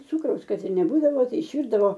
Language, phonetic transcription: Lithuanian, ˈcūkraus ˈkad ir neˈbūdavo ˈtai išˈvyrdavo

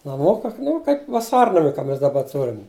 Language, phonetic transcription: Lithuanian, naˈmuka ˈnu kaip vaˈsarnami ka ˈmes daˈba ˈturim

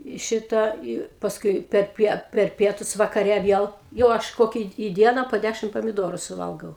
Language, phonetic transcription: Lithuanian, i ˈšitą i pasˈkui perˈpie per ˈpietus vakaˈre ˈviel jau ˈaš ˈkokia i ˈdiena po ˈdæšim pamiˈdoru suˈvalgau

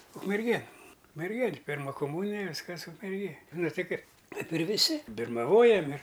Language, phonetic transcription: Lithuanian, ukmerˈgėn ukmerˈgėn' ˈpirma kuˈmūnija ˈviskas ukmerˈgėj ˈnu ˈti ˈkaip ˈkaip ir viˈsi birmaˈvojam ir

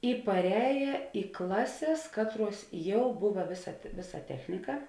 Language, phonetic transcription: Lithuanian, i parˈēja i ˈklaˌsės ˈkatˌruos ˈjau ˈbuva ˈvėˌsa ˈvėˌsa ˈtechnika

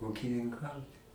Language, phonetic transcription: Lithuanian, ūkininˈkaut

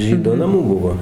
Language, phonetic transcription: Lithuanian, ˈžydo naˈmų ˈbuvo

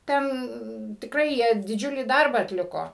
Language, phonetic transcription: Lithuanian, ˈten tikˈrai ˈjie diˈdžiulį ˈdarbą atˈliko

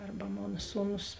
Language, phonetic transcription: Lithuanian, ˈarba ˈmona ˈsūˌnus

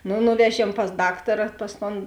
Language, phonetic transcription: Lithuanian, ˈnu ˈnuveˌžiem pas ˈdaktara ˈpas ˌton

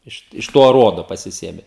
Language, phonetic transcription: Lithuanian, ˈiš iš ˈto aˈruodo pasiˈsėme

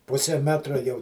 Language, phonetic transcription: Lithuanian, ˈpuse ˈmetra jau

